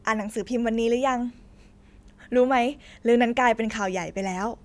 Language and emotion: Thai, happy